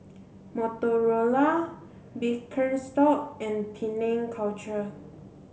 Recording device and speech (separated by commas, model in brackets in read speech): mobile phone (Samsung C7), read sentence